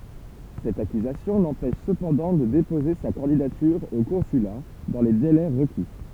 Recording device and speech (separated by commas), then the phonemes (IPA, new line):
temple vibration pickup, read sentence
sɛt akyzasjɔ̃ lɑ̃pɛʃ səpɑ̃dɑ̃ də depoze sa kɑ̃didatyʁ o kɔ̃syla dɑ̃ le delɛ ʁəki